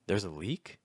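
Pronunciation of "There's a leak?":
In 'There's a leak?', the pitch starts at a middle level, goes down, and then finishes higher.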